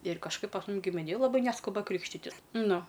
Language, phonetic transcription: Lithuanian, ir kažˈkaip pas ˈmum gimiˈnėj laˈbai ˈneskuba ˈkrykštitis ˈnu

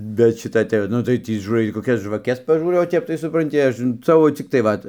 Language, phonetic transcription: Lithuanian, bet ˈšita tai ˈnu tai ˈtį žūˈrai koˈkias žvaˈkes paˈžūrau o ˈtep tai supranˈti ˈaš ˈsavo cikˈtai ˈvat

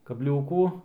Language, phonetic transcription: Lithuanian, kabˈliūkų

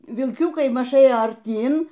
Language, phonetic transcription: Lithuanian, vilˈkiukai ˈmaž ˈėjo arˈtyn

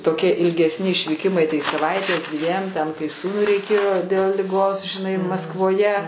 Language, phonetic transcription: Lithuanian, toˈkie ilgesˈni išvyˈkimai tai saˈvaitės ˈdviem ten kai ˈsūnui reiˈkėjo del liˈgos žiˈnai maskvoˈje

